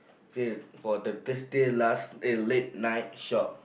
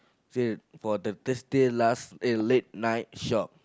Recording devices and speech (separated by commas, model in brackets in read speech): boundary microphone, close-talking microphone, conversation in the same room